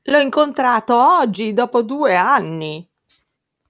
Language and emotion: Italian, surprised